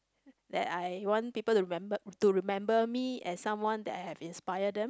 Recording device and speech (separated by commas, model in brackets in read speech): close-talking microphone, conversation in the same room